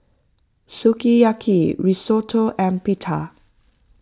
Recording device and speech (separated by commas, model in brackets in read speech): close-talking microphone (WH20), read sentence